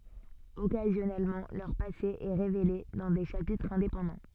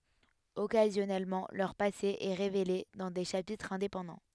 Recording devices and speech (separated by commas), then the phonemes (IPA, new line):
soft in-ear microphone, headset microphone, read sentence
ɔkazjɔnɛlmɑ̃ lœʁ pase ɛ ʁevele dɑ̃ de ʃapitʁz ɛ̃depɑ̃dɑ̃